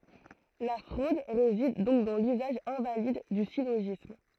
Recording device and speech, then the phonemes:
throat microphone, read sentence
la fʁod ʁezid dɔ̃k dɑ̃ lyzaʒ ɛ̃valid dy siloʒism

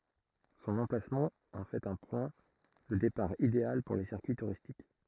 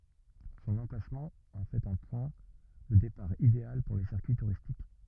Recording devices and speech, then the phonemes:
throat microphone, rigid in-ear microphone, read sentence
sɔ̃n ɑ̃plasmɑ̃ ɑ̃ fɛt œ̃ pwɛ̃ də depaʁ ideal puʁ le siʁkyi tuʁistik

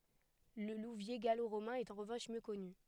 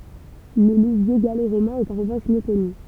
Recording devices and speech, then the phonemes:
headset microphone, temple vibration pickup, read sentence
lə luvje ɡaloʁomɛ̃ ɛt ɑ̃ ʁəvɑ̃ʃ mjø kɔny

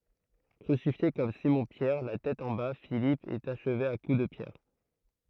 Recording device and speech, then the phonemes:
throat microphone, read sentence
kʁysifje kɔm simɔ̃pjɛʁ la tɛt ɑ̃ ba filip ɛt aʃve a ku də pjɛʁ

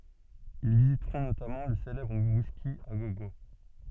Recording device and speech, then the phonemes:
soft in-ear microphone, read sentence
il vizitʁɔ̃ notamɑ̃ lə selɛbʁ wiski a ɡo ɡo

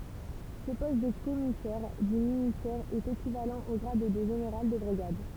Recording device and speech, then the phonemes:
temple vibration pickup, read sentence
sə pɔst də kɔmisɛʁ dy ministɛʁ ɛt ekivalɑ̃ o ɡʁad də ʒeneʁal də bʁiɡad

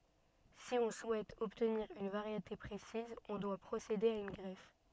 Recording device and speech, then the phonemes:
soft in-ear microphone, read sentence
si ɔ̃ suɛt ɔbtniʁ yn vaʁjete pʁesiz ɔ̃ dwa pʁosede a yn ɡʁɛf

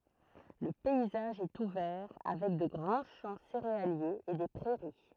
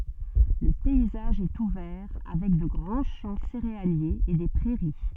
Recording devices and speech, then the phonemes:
throat microphone, soft in-ear microphone, read sentence
lə pɛizaʒ ɛt uvɛʁ avɛk də ɡʁɑ̃ ʃɑ̃ seʁealjez e de pʁɛʁi

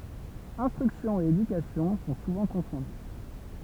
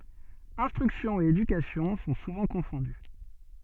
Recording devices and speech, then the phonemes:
temple vibration pickup, soft in-ear microphone, read sentence
ɛ̃stʁyksjɔ̃ e edykasjɔ̃ sɔ̃ suvɑ̃ kɔ̃fɔ̃dy

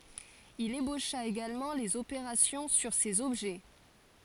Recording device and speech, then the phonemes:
forehead accelerometer, read sentence
il eboʃa eɡalmɑ̃ lez opeʁasjɔ̃ syʁ sez ɔbʒɛ

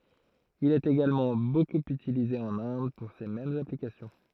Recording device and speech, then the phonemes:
throat microphone, read sentence
il ɛt eɡalmɑ̃ bokup ytilize ɑ̃n ɛ̃d puʁ se mɛmz aplikasjɔ̃

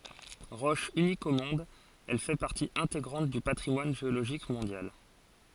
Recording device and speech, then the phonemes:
forehead accelerometer, read sentence
ʁɔʃ ynik o mɔ̃d ɛl fɛ paʁti ɛ̃teɡʁɑ̃t dy patʁimwan ʒeoloʒik mɔ̃djal

